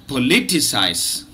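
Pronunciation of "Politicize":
'Politicize' is pronounced with four syllables, in standard British English.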